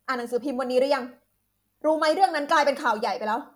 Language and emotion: Thai, angry